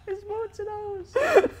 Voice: high-pitched